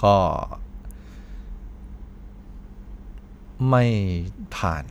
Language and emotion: Thai, frustrated